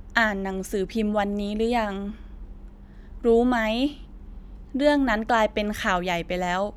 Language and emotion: Thai, neutral